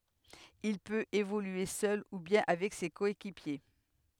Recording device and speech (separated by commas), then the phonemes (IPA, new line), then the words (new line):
headset microphone, read sentence
il pøt evolye sœl u bjɛ̃ avɛk se kɔekipje
Il peut évoluer seul ou bien avec ses coéquipiers.